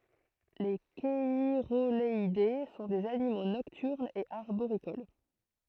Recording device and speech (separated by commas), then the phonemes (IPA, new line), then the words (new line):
throat microphone, read sentence
le ʃɛʁoɡalɛde sɔ̃ dez animo nɔktyʁnz e aʁboʁikol
Les cheirogaleidés sont des animaux nocturnes et arboricoles.